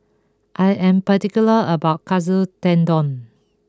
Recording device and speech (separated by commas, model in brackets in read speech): close-talking microphone (WH20), read sentence